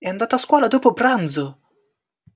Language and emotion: Italian, surprised